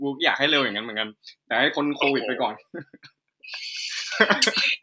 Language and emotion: Thai, happy